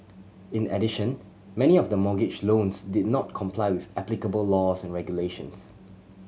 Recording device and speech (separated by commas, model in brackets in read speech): mobile phone (Samsung C7100), read sentence